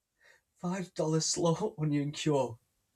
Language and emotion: English, sad